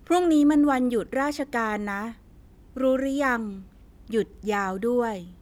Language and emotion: Thai, neutral